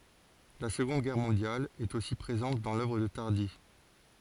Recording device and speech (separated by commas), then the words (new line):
forehead accelerometer, read sentence
La Seconde Guerre mondiale est aussi présente dans l'œuvre de Tardi.